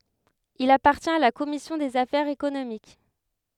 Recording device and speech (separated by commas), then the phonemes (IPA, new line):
headset microphone, read sentence
il apaʁtjɛ̃t a la kɔmisjɔ̃ dez afɛʁz ekonomik